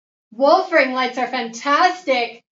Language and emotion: English, happy